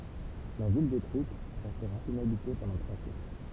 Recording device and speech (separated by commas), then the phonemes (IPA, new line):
temple vibration pickup, read sentence
la vil detʁyit ʁɛstʁa inabite pɑ̃dɑ̃ tʁwa sjɛkl